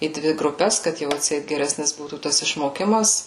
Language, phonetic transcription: Lithuanian, į ˈdvi gruˈpes kad ˈjau atˈseit geˈresnis ˈbūtų ˈtas išmoˈkimas

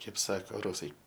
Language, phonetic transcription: Lithuanian, ˈkaip ˈsako ˈrusai

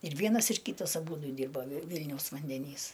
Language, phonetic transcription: Lithuanian, ir ˈvienas ir ˈkytas aˈbūdu ˈdyrba vi ˈvilniaus vandeˈnys

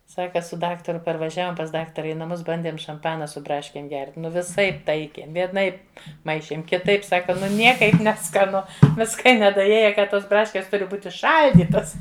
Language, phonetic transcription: Lithuanian, ˈsaka su ˈdaktaru parvaˈžiavom pas ˈdaktara i naˈmus ˈbandėm šamˈpana su ˈbraškėm gert' ˈnu viˈsaip ˈtaikėm vieˈnaip ˈmaišėm kiˈtaip ˈsaka ˈnu ˈniekaip neskaˈnu ˈviska i nedaˈėja ˈka ˈtos ˈbraškės ˈturi ˈbūti ˈšal'dytas

